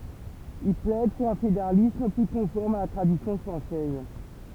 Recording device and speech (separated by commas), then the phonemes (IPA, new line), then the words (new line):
temple vibration pickup, read sentence
il plɛd puʁ œ̃ fedeʁalism ply kɔ̃fɔʁm a la tʁadisjɔ̃ fʁɑ̃sɛz
Il plaide pour un fédéralisme, plus conforme à la tradition française.